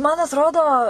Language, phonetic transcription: Lithuanian, man atˈrodo

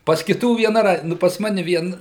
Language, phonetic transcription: Lithuanian, pas kiˈtų vieˈna ˈraid ˈnu pas ˈmane ˈvien

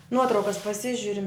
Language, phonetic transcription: Lithuanian, ˈnuotraukas paˈsižiurim

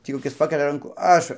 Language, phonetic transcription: Lithuanian, ˈtį koˈkis ˈpakelia ˈrankų ˈaš

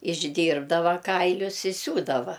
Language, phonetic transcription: Lithuanian, išˈdyrbdava ˈkailius i ˈsiūdava

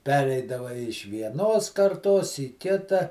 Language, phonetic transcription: Lithuanian, ˈpereidava iš vieˈnos karˈtos į ˈkita

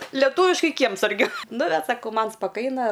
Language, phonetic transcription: Lithuanian, leˈtūviškai ˈkiemsargiu nu bet saˈkau ˈman spaˈkaina

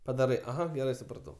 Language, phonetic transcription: Lithuanian, paˈdarai aˈha geˈrai supraˈtau

